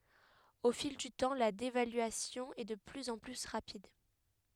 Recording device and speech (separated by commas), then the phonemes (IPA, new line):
headset microphone, read sentence
o fil dy tɑ̃ la devalyasjɔ̃ ɛ də plyz ɑ̃ ply ʁapid